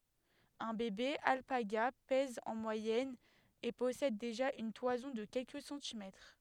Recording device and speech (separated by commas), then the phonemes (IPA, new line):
headset microphone, read sentence
œ̃ bebe alpaɡa pɛz ɑ̃ mwajɛn e pɔsɛd deʒa yn twazɔ̃ də kɛlkə sɑ̃timɛtʁ